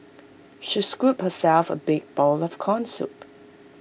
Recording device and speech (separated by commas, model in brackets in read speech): boundary microphone (BM630), read sentence